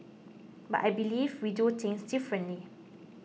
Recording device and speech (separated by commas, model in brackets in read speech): mobile phone (iPhone 6), read sentence